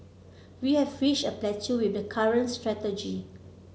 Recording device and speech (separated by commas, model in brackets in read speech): mobile phone (Samsung C7), read sentence